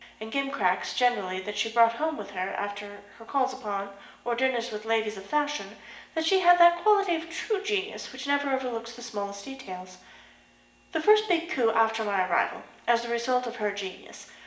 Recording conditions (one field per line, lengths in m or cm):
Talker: one person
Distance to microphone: 1.8 m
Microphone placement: close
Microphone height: 1.0 m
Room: large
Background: none